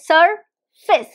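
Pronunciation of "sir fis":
'Surface' is said with the British pronunciation, with an i sound in the second syllable.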